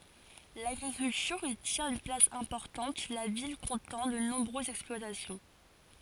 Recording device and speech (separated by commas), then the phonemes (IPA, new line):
forehead accelerometer, read sentence
laɡʁikyltyʁ i tjɛ̃t yn plas ɛ̃pɔʁtɑ̃t la vil kɔ̃tɑ̃ də nɔ̃bʁøzz ɛksplwatasjɔ̃